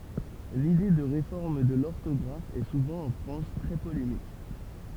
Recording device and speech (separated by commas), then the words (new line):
temple vibration pickup, read sentence
L'idée de réforme de l'orthographe est souvent en France très polémique.